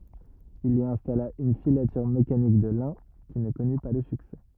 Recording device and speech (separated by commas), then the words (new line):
rigid in-ear microphone, read sentence
Il y installa une filature mécanique de lin qui ne connut pas le succès.